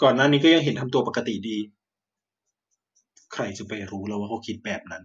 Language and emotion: Thai, frustrated